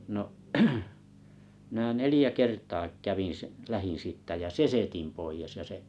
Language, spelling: Finnish, no minä neljä kertaa kävin - lähdin siitä ja sesetin pois ja se
- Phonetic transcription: no’ , mⁱnä "nelⁱjä 'kertaa 'kävin s- , 'lähin sìttä ja "sesetim 'poijes ja se ,.

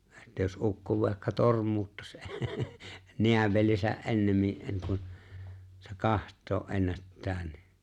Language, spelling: Finnish, että jos ukko vaikka tormuuttaisi näävelinsä ennemmin ennen kuin se katsoa ennättää niin
- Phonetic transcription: että jos '’ukko vàekka 'torm̀uuttas 'neävelisä’ '’e̬nnemmin ’enneŋ kun , se "kaht̆too’ '’ennättää nɪ ,.

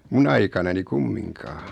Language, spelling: Finnish, minun aikanani kumminkaan
- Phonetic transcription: mun ‿aikanani "kummiŋkaa .

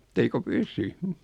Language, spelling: Finnish, että eikö pysy
- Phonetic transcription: e't ‿eiko "pysy .

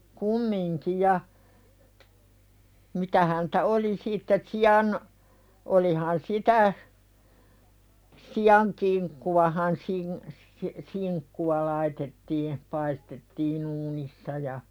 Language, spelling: Finnish, kumminkin ja mitä häntä oli sitten sian olihan sitä sian kinkkuahan - - kinkkua laitettiin paistettiin uunissa ja
- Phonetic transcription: kummiŋki ja , 'mitä häntä "oli sitte 'si₍an , olihan 'sitä , "si₍aŋ kiŋkkuwahan sin- , si- , 'siŋkkuwa laitettii , pais-tettii'n ‿uunissa ja .

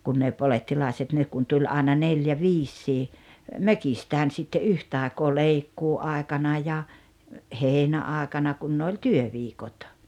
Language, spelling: Finnish, kun ne polettilaiset ne kun tuli aina neljä viisikin mökistään sitten yhtä aikaa leikkuuaikana ja heinäaikana kun ne oli työviikot
- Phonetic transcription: kun ne 'po-lettilàeset nek kun 'tuĺ àena 'neljä "viissii , "mökistään sitte '’yhtàekoo "leikkuu₍àekana ja , 'heinä₍àekana kun ne oĺ "työviikot .

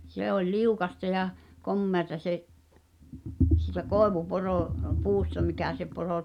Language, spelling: Finnish, se oli liukasta ja komeata se siitä - koivuporopuusta mikä se -
- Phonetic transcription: 'se ‿oĺ "liukasta ja , 'kommeata se’ , sìtä 'kòevuporo- , -"puusta mikä̀ se poro- ,.

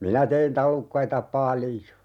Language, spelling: Finnish, minä tein tallukkaita paljon
- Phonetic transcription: 'minä tein 'talukkaita "palⁱjo !

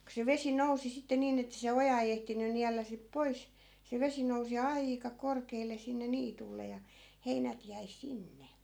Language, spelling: Finnish, kun se vesi nousi sitten niin että se oja ei ehtinyt niellä sitten pois se vesi nousi aika korkealle sinne niitylle ja heinät jäi sinne
- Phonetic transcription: ko se 'vesi 'nousi sitte 'niin ‿ettᵃ̈ se 'oja ei ehtiny 'niällä sip "pois , se 'vesi nousi "aika 'korkeel̆le 'sinne 'niitulle ja , 'heinät jäi "sinne .

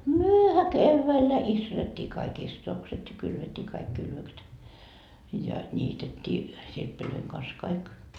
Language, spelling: Finnish, mehän keväällä istutettiin kaikki istutukset ja kylvettiin kaikki kylvökset ja niitettiin sirppien kanssa kaikki
- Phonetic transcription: "myöhä "kevväillä 'istutettii kaik "istotokset ja 'kylvettii kaik kylvökset , ja "ńiitettii , 'sirppilöiŋ kans 'kaik .

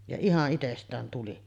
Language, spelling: Finnish, ja ihan itsestään tuli
- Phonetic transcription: ja 'ihaˀ 'ˀitest̆tään tuli .

